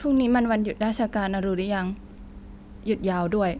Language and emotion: Thai, neutral